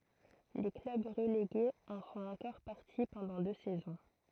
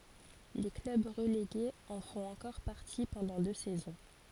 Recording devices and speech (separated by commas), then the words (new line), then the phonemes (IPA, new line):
throat microphone, forehead accelerometer, read sentence
Les clubs relégués en font encore partie pendant deux saisons.
le klœb ʁəleɡez ɑ̃ fɔ̃t ɑ̃kɔʁ paʁti pɑ̃dɑ̃ dø sɛzɔ̃